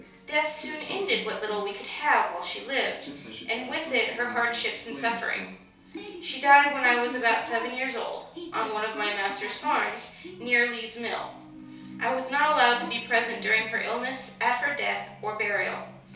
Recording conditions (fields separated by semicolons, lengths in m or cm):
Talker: one person; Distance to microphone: 3.0 m; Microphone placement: far; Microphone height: 1.8 m; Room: small (3.7 m by 2.7 m); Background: television